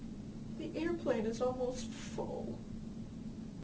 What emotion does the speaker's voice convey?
sad